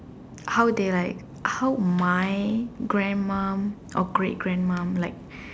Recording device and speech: standing microphone, conversation in separate rooms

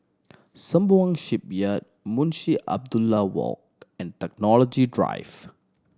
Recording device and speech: standing microphone (AKG C214), read sentence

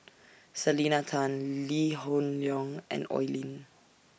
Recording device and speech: boundary microphone (BM630), read sentence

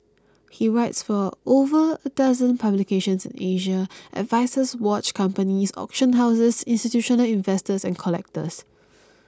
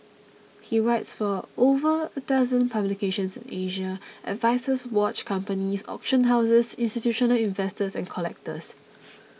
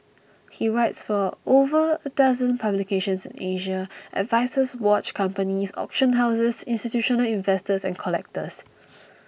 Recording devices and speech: close-talking microphone (WH20), mobile phone (iPhone 6), boundary microphone (BM630), read sentence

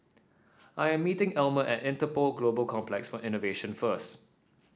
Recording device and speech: standing microphone (AKG C214), read sentence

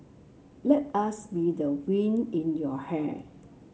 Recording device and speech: mobile phone (Samsung C7), read sentence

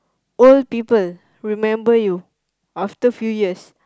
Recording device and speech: close-talking microphone, conversation in the same room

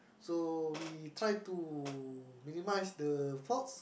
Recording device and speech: boundary microphone, conversation in the same room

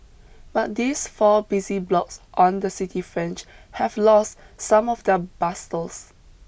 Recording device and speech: boundary microphone (BM630), read sentence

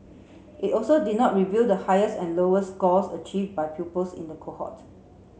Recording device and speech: mobile phone (Samsung C7), read sentence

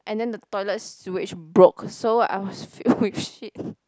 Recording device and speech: close-talking microphone, conversation in the same room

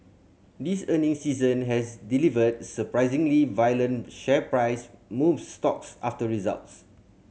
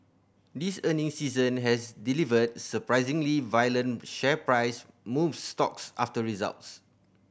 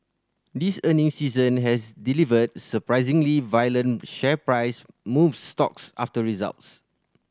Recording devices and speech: mobile phone (Samsung C7100), boundary microphone (BM630), standing microphone (AKG C214), read sentence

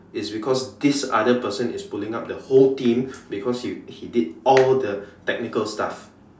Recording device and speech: standing microphone, conversation in separate rooms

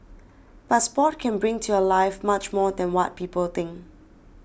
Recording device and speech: boundary microphone (BM630), read sentence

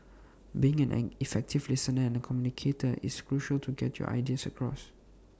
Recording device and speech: standing microphone (AKG C214), read sentence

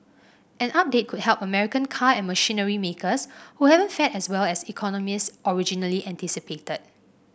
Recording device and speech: boundary microphone (BM630), read sentence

